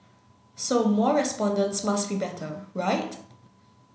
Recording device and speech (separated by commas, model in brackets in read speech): mobile phone (Samsung C9), read sentence